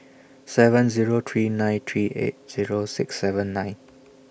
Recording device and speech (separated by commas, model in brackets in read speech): boundary microphone (BM630), read sentence